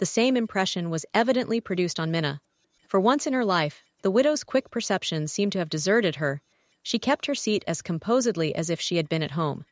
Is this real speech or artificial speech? artificial